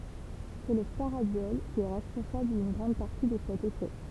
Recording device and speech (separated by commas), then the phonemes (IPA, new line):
temple vibration pickup, read sentence
sɛ lə faʁadjɔl ki ɛ ʁɛspɔ̃sabl dyn ɡʁɑ̃d paʁti də sɛt efɛ